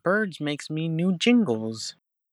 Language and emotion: English, angry